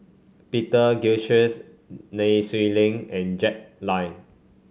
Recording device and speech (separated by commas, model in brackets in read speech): mobile phone (Samsung C5), read sentence